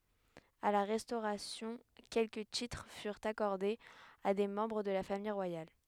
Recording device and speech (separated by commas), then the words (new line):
headset microphone, read sentence
À la Restauration, quelques titres furent accordés à des membres de la famille royale.